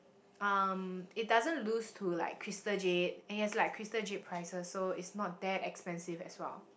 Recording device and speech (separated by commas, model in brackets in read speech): boundary microphone, conversation in the same room